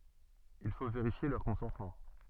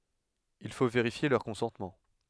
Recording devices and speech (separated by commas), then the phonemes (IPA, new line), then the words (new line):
soft in-ear microphone, headset microphone, read sentence
il fo veʁifje lœʁ kɔ̃sɑ̃tmɑ̃
Il faut vérifier leurs consentements.